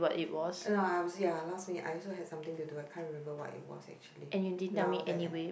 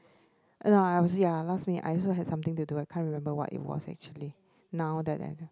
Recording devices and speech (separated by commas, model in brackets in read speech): boundary microphone, close-talking microphone, conversation in the same room